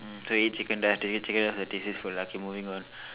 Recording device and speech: telephone, conversation in separate rooms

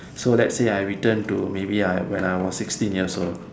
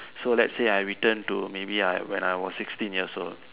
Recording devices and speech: standing microphone, telephone, conversation in separate rooms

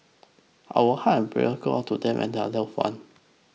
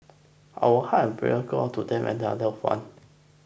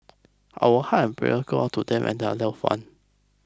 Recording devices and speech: mobile phone (iPhone 6), boundary microphone (BM630), close-talking microphone (WH20), read sentence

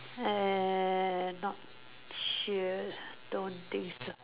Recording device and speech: telephone, conversation in separate rooms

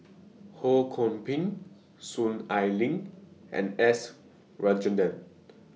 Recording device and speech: mobile phone (iPhone 6), read sentence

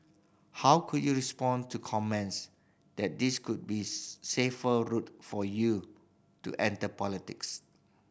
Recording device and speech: boundary microphone (BM630), read sentence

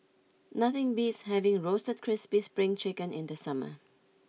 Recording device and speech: mobile phone (iPhone 6), read sentence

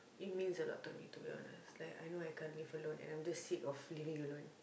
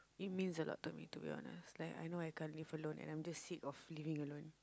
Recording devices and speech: boundary microphone, close-talking microphone, conversation in the same room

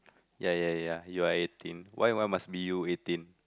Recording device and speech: close-talking microphone, conversation in the same room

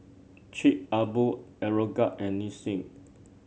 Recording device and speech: mobile phone (Samsung C7), read sentence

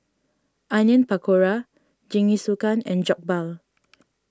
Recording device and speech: standing microphone (AKG C214), read sentence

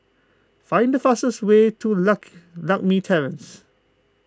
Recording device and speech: close-talking microphone (WH20), read sentence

